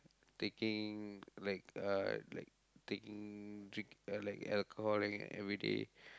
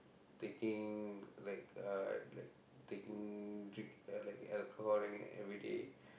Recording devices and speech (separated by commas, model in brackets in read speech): close-talking microphone, boundary microphone, conversation in the same room